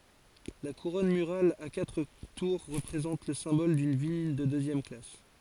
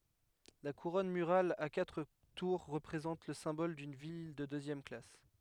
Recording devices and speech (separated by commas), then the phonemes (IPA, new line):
forehead accelerometer, headset microphone, read sentence
la kuʁɔn myʁal a katʁ tuʁ ʁəpʁezɑ̃t lə sɛ̃bɔl dyn vil də døzjɛm klas